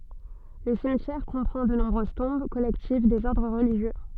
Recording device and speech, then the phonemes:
soft in-ear microphone, read sentence
lə simtjɛʁ kɔ̃pʁɑ̃ də nɔ̃bʁøz tɔ̃b kɔlɛktiv dez ɔʁdʁ ʁəliʒjø

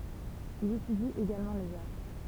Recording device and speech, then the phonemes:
temple vibration pickup, read sentence
il etydi eɡalmɑ̃ lez astʁ

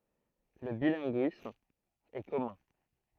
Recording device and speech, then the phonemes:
throat microphone, read sentence
lə bilɛ̃ɡyism ɛ kɔmœ̃

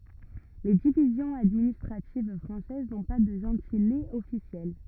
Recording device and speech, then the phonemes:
rigid in-ear microphone, read sentence
le divizjɔ̃z administʁativ fʁɑ̃sɛz nɔ̃ pa də ʒɑ̃tilez ɔfisjɛl

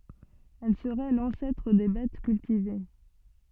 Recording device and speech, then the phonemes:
soft in-ear microphone, read sentence
ɛl səʁɛ lɑ̃sɛtʁ de bɛt kyltive

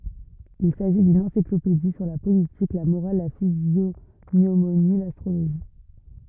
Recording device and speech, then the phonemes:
rigid in-ear microphone, read sentence
il saʒi dyn ɑ̃siklopedi syʁ la politik la moʁal la fizjoɲomoni lastʁoloʒi

